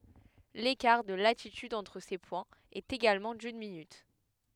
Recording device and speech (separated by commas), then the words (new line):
headset microphone, read sentence
L'écart de latitude entre ces points est également d'une minute.